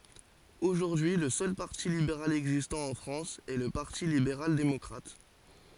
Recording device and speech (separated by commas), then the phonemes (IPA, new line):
forehead accelerometer, read sentence
oʒuʁdyi lə sœl paʁti libeʁal ɛɡzistɑ̃ ɑ̃ fʁɑ̃s ɛ lə paʁti libeʁal demɔkʁat